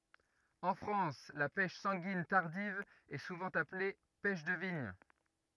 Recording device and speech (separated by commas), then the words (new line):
rigid in-ear microphone, read sentence
En France, la pêche sanguine tardive est souvent appelée pêche de vigne.